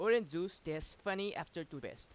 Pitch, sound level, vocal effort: 175 Hz, 93 dB SPL, loud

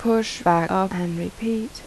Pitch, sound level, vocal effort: 195 Hz, 78 dB SPL, soft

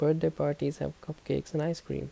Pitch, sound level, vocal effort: 140 Hz, 77 dB SPL, soft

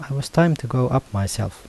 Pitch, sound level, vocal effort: 130 Hz, 79 dB SPL, soft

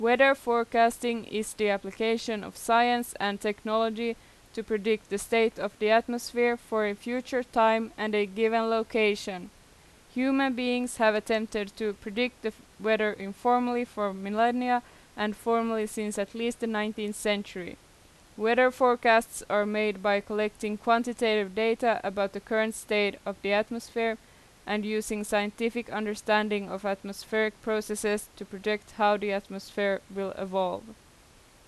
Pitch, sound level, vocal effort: 220 Hz, 87 dB SPL, loud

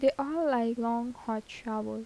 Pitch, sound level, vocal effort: 235 Hz, 80 dB SPL, soft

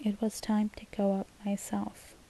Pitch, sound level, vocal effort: 210 Hz, 72 dB SPL, soft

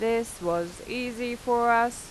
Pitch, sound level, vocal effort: 235 Hz, 90 dB SPL, normal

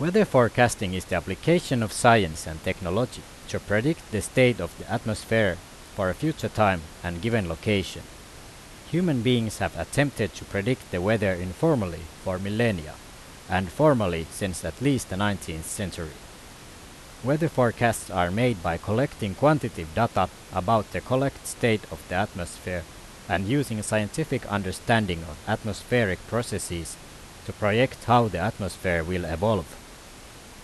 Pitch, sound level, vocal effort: 105 Hz, 86 dB SPL, loud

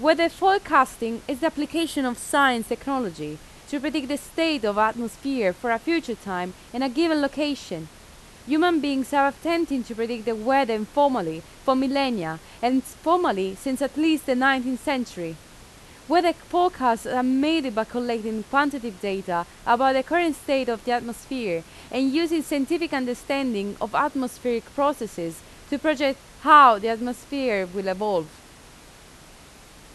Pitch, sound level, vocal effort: 260 Hz, 89 dB SPL, very loud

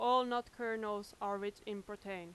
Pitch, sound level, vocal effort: 210 Hz, 92 dB SPL, very loud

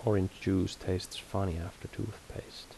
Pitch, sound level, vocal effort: 95 Hz, 73 dB SPL, soft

